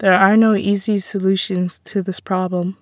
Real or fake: real